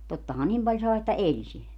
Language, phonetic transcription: Finnish, tottaha 'nim paĺ 'sàe että "eĺ sillä .
- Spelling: tottahan niin paljon sai että eli sillä

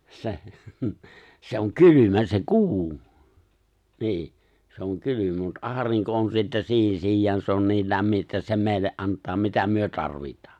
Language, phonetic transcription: Finnish, 'se , 'se oŋ "kylymä se "ku̬u , nii , se ‿oŋ 'kylymä mut '’aariŋko on sittä 'si̬i̬hi̬n 'siij̆jaan se on 'niil 'lämmi ’että se 'mèille’ '’ant̆taa mitä myö 'tarvit̀ᴀᴀ .
- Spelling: se se on kylmä se kuu niin se on kylmä mutta aurinko on sitten siihen sijaan se on niin lämmin että se meille antaa mitä me tarvitaan

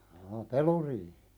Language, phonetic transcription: Finnish, jaa "peluriihɪ .
- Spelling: jaa peluriihi

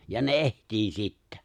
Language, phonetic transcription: Finnish, ja ne "ehtii 'sittᴀ̈ .
- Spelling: ja ne etsii sitten

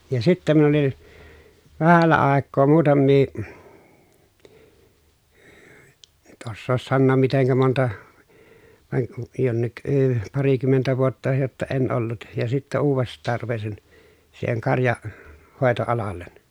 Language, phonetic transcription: Finnish, ja sittä min ‿olin , vähällä àekkoo muutammii , (en ny)t ossoos sannoom miteŋkä monta , vaŋ (ku) , jonnik əə , parikymmentä vuotta jotta en ollut ja sittä uuv̆vest̆taar rupesin , siiheŋ karja- , -hòeto₍alallen .
- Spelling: ja sitten minä olin vähällä aikaa muutamia en nyt osaa sanoa miten monta vaan kun jonkin - parikymmentä vuotta jotta en ollut ja sitten uudestaan rupesin siihen - karjanhoitoalalle

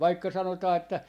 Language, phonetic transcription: Finnish, 'vaikka 'sanotaa että ,.
- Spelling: vaikka sanotaan että

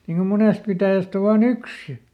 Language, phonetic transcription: Finnish, niŋ ko ˈmonèst pitä̀jäst ‿o vaa"n ‿yks ja ,.
- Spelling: niin kun monesta pitäjästä on vain yksi ja

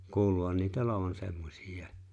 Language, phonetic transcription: Finnish, 'kuuluhan niitä "olovan 'semmosij̆jài̬ .
- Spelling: kuuluuhan niitä olevan semmoisia

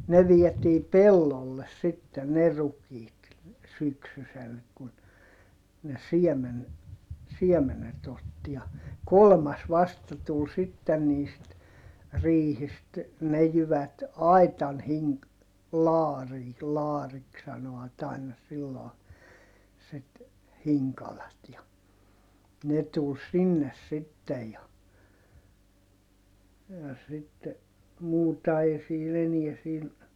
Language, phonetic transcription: Finnish, ne viɛtii pellolles sitte ne rukiit , syksysel kun , ne siɛmen , siɛmenet ‿otti ja , kolmas vasta tul sitten niist , riihist , ne jyvät , ai̮tan hiŋ- , laarii , laariks sano₍at ‿aina silloo , sit , hiŋkalat ja , ne tul sinnes sittej ja , ja sitte , muuta ei siin ‿eniɛ siin ,.
- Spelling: ne vietiin pellolle sitten ne rukiit syksysellä kun ne siemen siemenet otti ja kolmas vasta tuli sitten niistä riihistä ne jyvät aitan - laariin laariksi sanoivat aina silloin sitä hinkaloa ja ne tuli sinne sitten ja ja sitten muuta ei siinä enää siinä

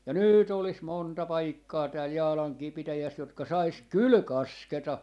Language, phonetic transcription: Finnish, ja "nyy't ‿olis 'monta 'paikkaa tääl "Jaalaŋkii 'pitäjäs jotka 'sais "kyl "kasketa .
- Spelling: ja nyt olisi monta paikkaa täällä Jaalankin pitäjässä jotka saisi kyllä kasketa

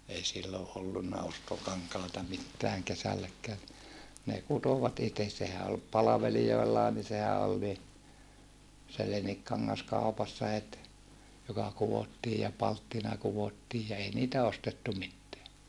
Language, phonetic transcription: Finnish, ei silloʼ ʼollunna ostokaŋkàeta mittääŋ kesälläkkää ni , ne kutovat ites sehä ol , palavelijoellaa ni sehä ol ni , se leniŋkkaŋŋas kaupassa het , joka kuwottii ja palttina kuvottiij ja ei niitä ostettu mitteä .
- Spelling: ei silloin ollut ostokankaita mitään kesälläkään niin ne kutoivat itse sehän oli palvelijoillakin niin sehän oli niin se leninkikangas kaupassa heti joka kudottiin ja palttina kudottiin ja ei niitä ostettu mitään

